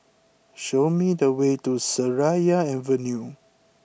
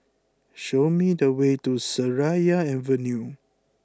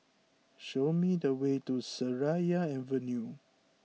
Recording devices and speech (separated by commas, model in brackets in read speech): boundary microphone (BM630), close-talking microphone (WH20), mobile phone (iPhone 6), read sentence